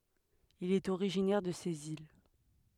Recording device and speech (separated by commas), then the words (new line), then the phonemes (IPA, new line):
headset microphone, read sentence
Il est originaire de ces îles.
il ɛt oʁiʒinɛʁ də sez il